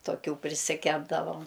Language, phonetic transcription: Lithuanian, toˈkių prisiˈkepdavom

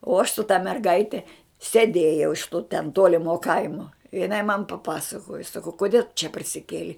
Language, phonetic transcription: Lithuanian, o aš su ta merˈgaite seˈdėjau iš tu ten ˈtuolimo ˈkaimuo jiˈnai man paˈpasakojo saˈkau koˈdie tu čia parsiˈkėlei

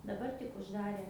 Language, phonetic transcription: Lithuanian, daˈbar tik užˈdarė

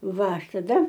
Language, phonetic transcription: Lithuanian, ˈva ˈaš taˈda

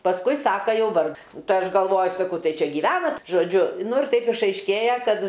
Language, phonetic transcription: Lithuanian, pasˈkui ˈsaka ˈjau ˈvar ˈtai ˈaš galˈvoju saˈkau ˈtai ˈčia gyˈvenat žoˈdžiu ˈnu ir ˈtaip išaišˈkėja ˈkad

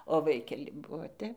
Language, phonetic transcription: Lithuanian, o ˈvaikeli ˈbuo ˈtep

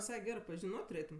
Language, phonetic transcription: Lithuanian, viˈsai ˈgerɜ pažiˈnot' tuˈrėtum

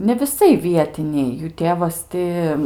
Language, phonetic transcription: Lithuanian, ne viˈsai ˈvietiniai jų ˈtėvas ˈti

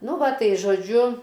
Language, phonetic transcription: Lithuanian, ˈnu ˈva ˈtai žoˈdžiu

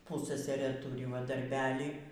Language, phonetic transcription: Lithuanian, ˈpussasarɘ ˈturi va darˈbelį

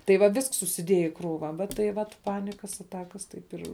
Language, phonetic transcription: Lithuanian, tai va ˈvisks susiˈdieja i ˈkrūva va tai ˈvat ˈpanikas aˈtakas ˈtaip ir

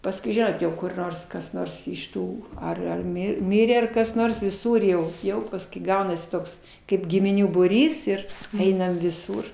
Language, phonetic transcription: Lithuanian, pasˈkui ˈžinot jau kur ˈnors kas ˈnors iš ˈtų ar ar ˈmi ˈmirė ar kas ˈnors viˈsur jau ˈjau paskui ˈgaunasi ˈtoks kaip gimiˈnių būˈrys ir ˈeinam viˈsūr

